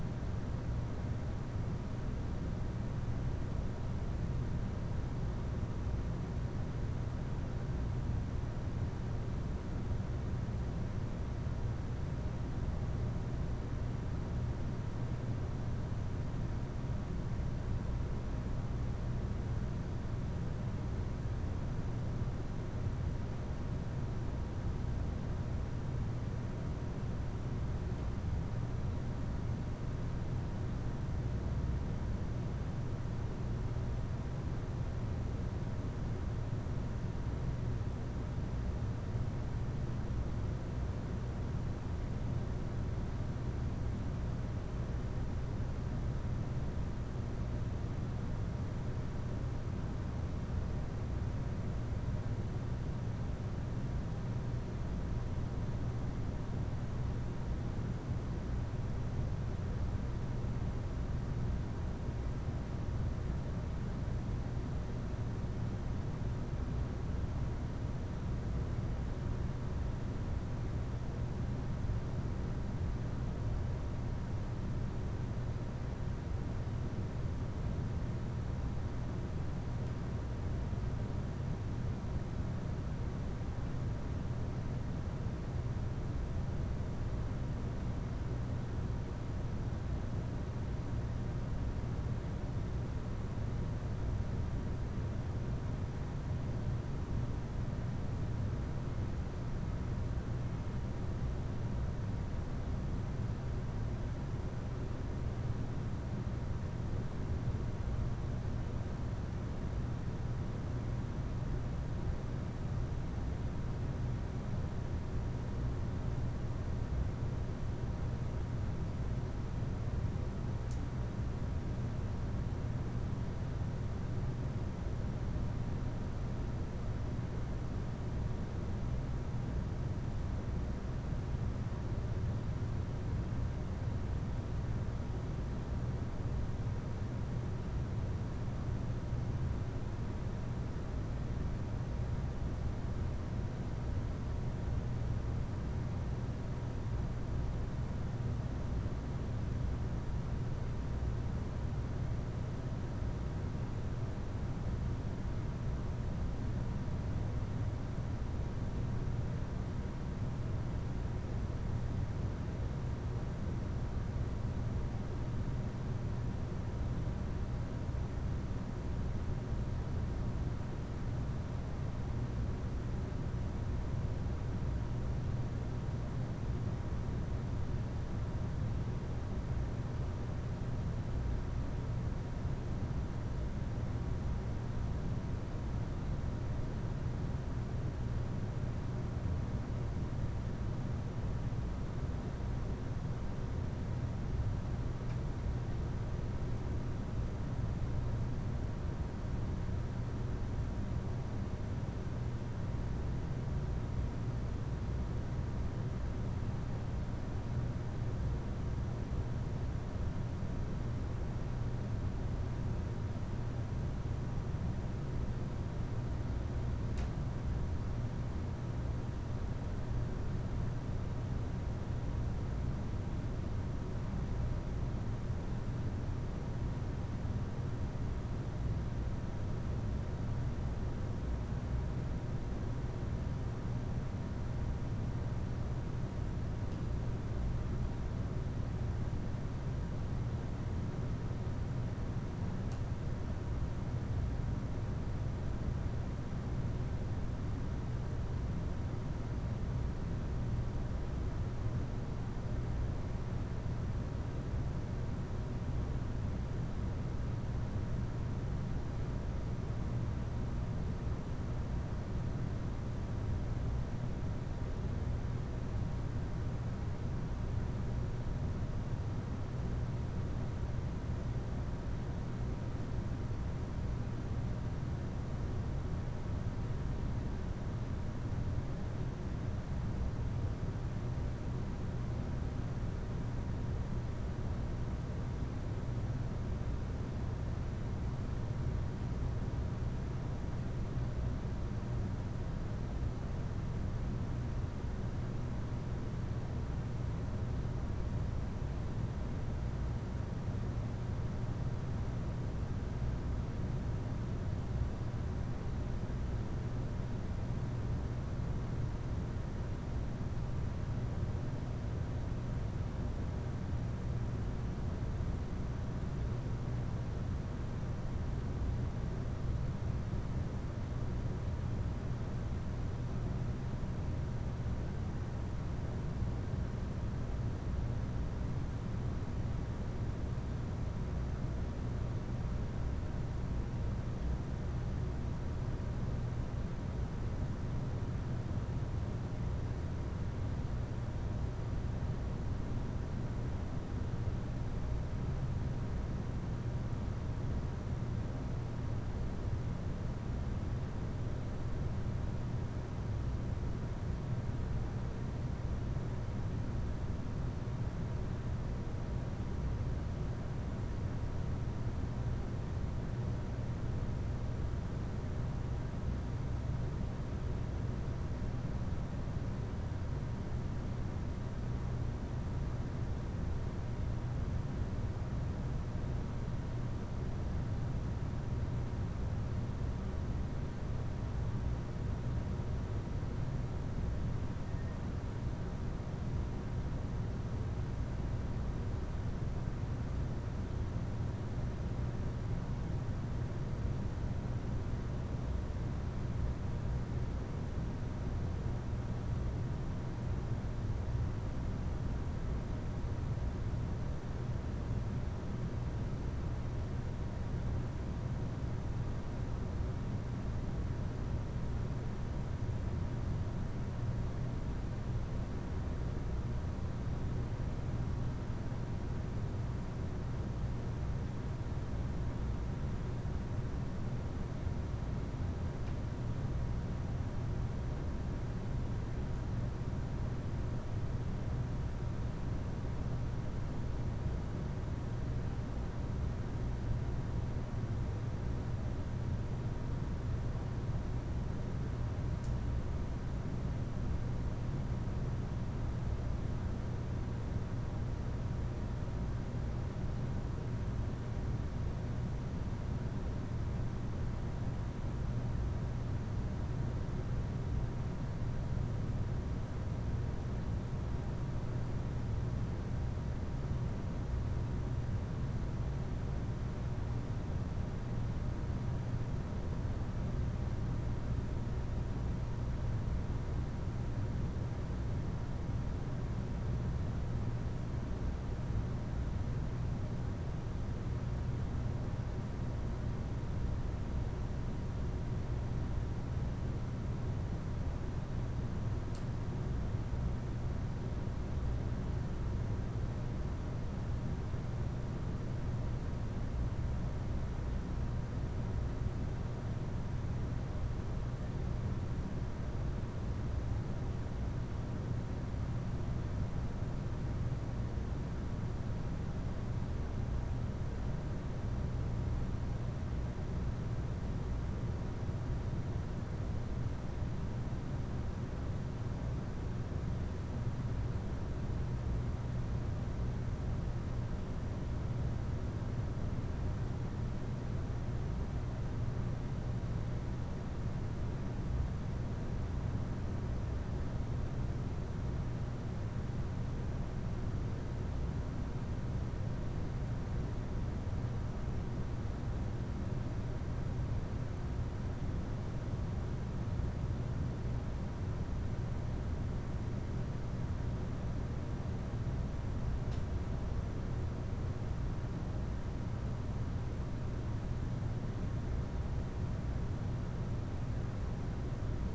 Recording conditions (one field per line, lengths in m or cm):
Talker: no one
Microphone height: 2.7 m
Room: medium-sized (5.7 m by 4.0 m)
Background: none